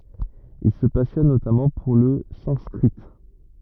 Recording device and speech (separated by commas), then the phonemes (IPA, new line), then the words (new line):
rigid in-ear microphone, read sentence
il sə pasjɔn notamɑ̃ puʁ lə sɑ̃skʁi
Il se passionne notamment pour le sanskrit.